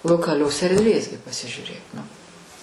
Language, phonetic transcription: Lithuanian, lokaˈlios erdˈvės gi pasižiūˈrėk nu

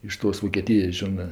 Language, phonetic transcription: Lithuanian, iš ˈtos vokėˈtijas ˈžionɜ

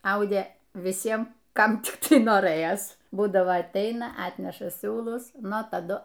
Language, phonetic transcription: Lithuanian, ˈaudė viˈsiem ˈkam ˈtik ˈtai noˈrɘjas ˈbūdavo atˈeina ˈatneša ˈsiūlus ˈnu taˈdu

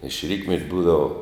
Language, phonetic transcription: Lithuanian, iš ˈrytmet' ˈbūdava

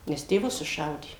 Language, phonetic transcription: Lithuanian, ˈnes tėˈvus suˈšaudė

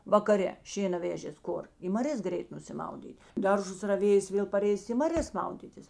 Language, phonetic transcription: Lithuanian, vakaˈre ˈšėna ˈvežės ˈkur i maˈrės ˈgreit nusiˈmaudyt' ˈdarˌžus raˈvėjės ˈvėl paˈreisi i maˈrės ˈmaudytis

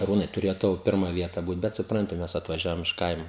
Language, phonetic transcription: Lithuanian, aˈrūnai tuˈrėjo ˈtau ˈpirma ˈvieta ˈbūt ˈbet suˈpranti ˈmes atvaˈžiavom iš ˈkaimo

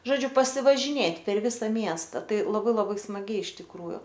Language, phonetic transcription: Lithuanian, žoˈdžiu pasivažiˈnėt' per ˈvisa ˈmiesta ˈtai laˈbai laˈbai smaˈgiai iš tikˈrųju

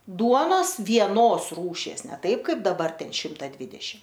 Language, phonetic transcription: Lithuanian, ˈduonos vieˈnos ˈrūšies ne ˈtaip ˈkaip daˈbar ˈten ˈšimta ˈdvidešim

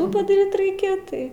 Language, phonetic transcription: Lithuanian, ˈtų padaˈryt ˈraikia ˈtai

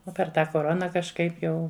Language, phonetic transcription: Lithuanian, ˈo per ˈtą koˈrona kažˈkaip ˈjau

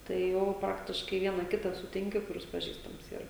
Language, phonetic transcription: Lithuanian, tai ˈjau ˈpraktiškai ˈviena ˈkitą suˈtinki kuˈris paˈžįstams ˈyra

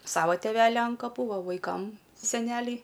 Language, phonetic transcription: Lithuanian, ˈsavo teˈveli an kaˈpų ˈva vaiˈkam seˈneliai

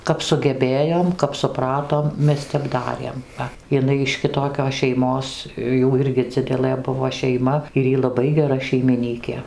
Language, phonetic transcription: Lithuanian, kap sugeˈbėjom kap suˈpratom ˈmes ˈtep ˈdarėm ˈva iˈnai iš kiˈtokios šeiˈmos ˈjų ˈirgi ˈdzidelɘ ˈbuvo šeiˈma ir ˈy laˈbai geˈra šeimiˈnykė

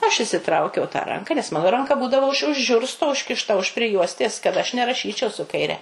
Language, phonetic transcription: Lithuanian, ˈaš išsiˈtraukiau tą ˈranka nes ˈmano ˈranka ˈbūdavo už už ˈžiursto užkišˈta už priˈjuostės kad ˈaš neraˈšyčiau su kaiˈre

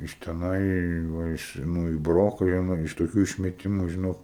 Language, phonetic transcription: Lithuanian, iš teˈnai i ˈva iš ˈnu i ˈbroko jie ˈnu iš toˈkių išmeˈtimu žiˈnok

